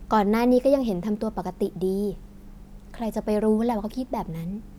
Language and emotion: Thai, neutral